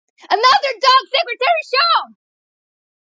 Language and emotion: English, happy